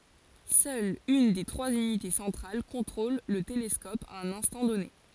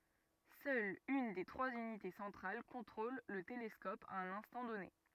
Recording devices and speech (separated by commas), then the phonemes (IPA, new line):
forehead accelerometer, rigid in-ear microphone, read sentence
sœl yn de tʁwaz ynite sɑ̃tʁal kɔ̃tʁol lə telɛskɔp a œ̃n ɛ̃stɑ̃ dɔne